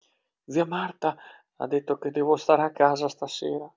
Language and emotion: Italian, fearful